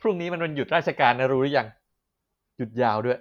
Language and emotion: Thai, neutral